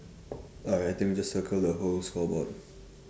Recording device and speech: standing microphone, conversation in separate rooms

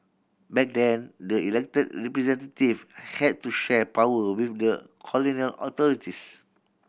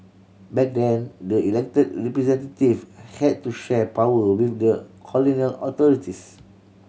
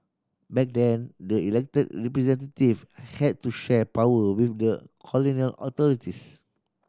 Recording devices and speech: boundary microphone (BM630), mobile phone (Samsung C7100), standing microphone (AKG C214), read sentence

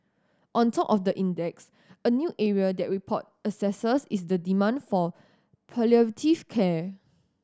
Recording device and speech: standing microphone (AKG C214), read sentence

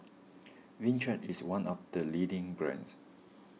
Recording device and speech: mobile phone (iPhone 6), read sentence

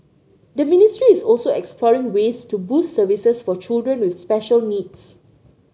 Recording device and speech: mobile phone (Samsung C9), read sentence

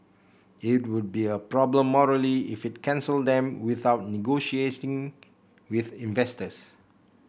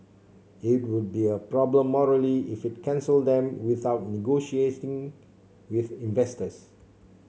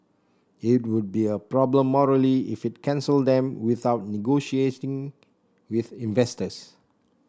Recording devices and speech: boundary microphone (BM630), mobile phone (Samsung C7), standing microphone (AKG C214), read sentence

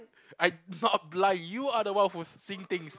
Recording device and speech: close-talking microphone, conversation in the same room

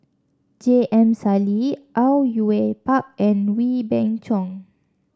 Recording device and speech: standing microphone (AKG C214), read sentence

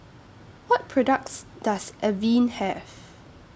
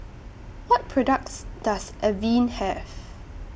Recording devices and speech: standing microphone (AKG C214), boundary microphone (BM630), read sentence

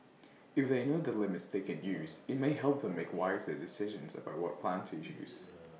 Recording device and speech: mobile phone (iPhone 6), read sentence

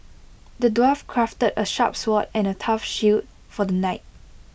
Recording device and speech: boundary microphone (BM630), read sentence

